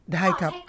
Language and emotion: Thai, neutral